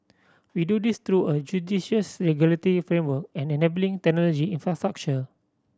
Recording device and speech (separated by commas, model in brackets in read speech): standing microphone (AKG C214), read sentence